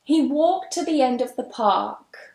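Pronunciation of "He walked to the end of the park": In 'the end', 'the' links smoothly into 'end'.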